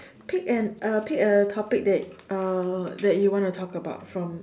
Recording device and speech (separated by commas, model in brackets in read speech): standing microphone, conversation in separate rooms